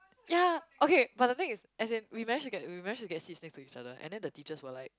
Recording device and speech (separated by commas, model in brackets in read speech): close-talking microphone, conversation in the same room